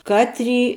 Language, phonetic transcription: Lithuanian, ˈkatˌry

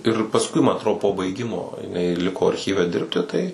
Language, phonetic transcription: Lithuanian, ir pasˈkui ma atˈro po baiˈgimo jiˈnai ˈliko arˈchyve ˈdirbti ˈtai

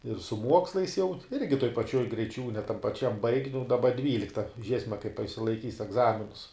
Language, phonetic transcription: Lithuanian, ir su ˈmuokslais jau ˈirgi toj paˈčioj greiˈčiūne tam paˈčiam baig' nu daˈba ˈdvylikta ˈžiesme kaip a išsilaiˈkys egˈzaminus

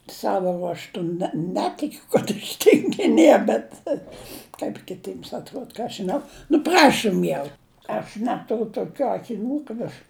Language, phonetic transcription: Lithuanian, ˈsavo ruožˈtu ne ˈnetikiu kad aš tingiˈnie bet kap kiˈtyms atˈruod ˈką aš žiˈnau nu ˈprašum jau aš ˈneturiu toˈkių akiˈnių kad aš

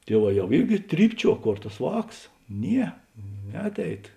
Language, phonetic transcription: Lithuanian, ˈtieˌvā ˈjau ˈirgi ˈtrypˌčiuo ˈkor tas ˈvāks ˈnie ˈneatˌeit

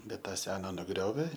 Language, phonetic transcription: Lithuanian, ˈbet ˈtą ˈsena nuˈgriovė

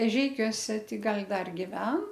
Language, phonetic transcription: Lithuanian, eˈžeikiuose ˈti ˈgal' ˈdar giˈven

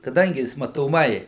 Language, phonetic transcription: Lithuanian, kaˈdangi ˈjis matoˈmai

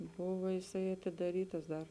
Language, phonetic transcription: Lithuanian, ˈbuvo jiˈsai atidaˈrytas ˈdar

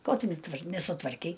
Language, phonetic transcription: Lithuanian, ˈko ˈtu neˈtvar nesutvarˈkei

